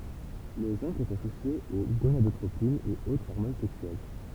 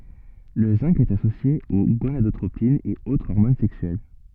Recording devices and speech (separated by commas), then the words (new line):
temple vibration pickup, soft in-ear microphone, read sentence
Le zinc est associé aux gonadotropines et aux hormones sexuelles.